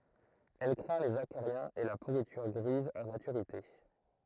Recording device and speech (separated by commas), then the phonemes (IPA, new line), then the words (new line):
throat microphone, read sentence
ɛl kʁɛ̃ lez akaʁjɛ̃z e la puʁityʁ ɡʁiz a matyʁite
Elle craint les acariens et la pourriture grise à maturité.